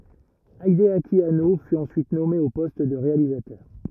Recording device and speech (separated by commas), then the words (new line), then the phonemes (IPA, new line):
rigid in-ear microphone, read sentence
Hideaki Anno fut ensuite nommé au poste de réalisateur.
ideaki ano fy ɑ̃syit nɔme o pɔst də ʁealizatœʁ